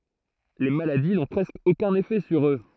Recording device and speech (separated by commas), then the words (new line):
throat microphone, read sentence
Les maladies n'ont presque aucun effet sur eux.